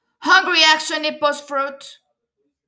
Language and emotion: English, neutral